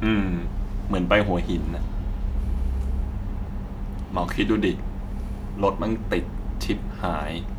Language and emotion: Thai, frustrated